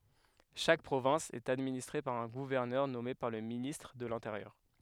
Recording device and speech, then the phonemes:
headset microphone, read sentence
ʃak pʁovɛ̃s ɛt administʁe paʁ œ̃ ɡuvɛʁnœʁ nɔme paʁ lə ministʁ də lɛ̃teʁjœʁ

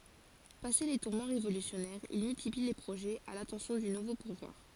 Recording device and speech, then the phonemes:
forehead accelerometer, read sentence
pase le tuʁmɑ̃ ʁevolysjɔnɛʁz il myltipli le pʁoʒɛz a latɑ̃sjɔ̃ dy nuvo puvwaʁ

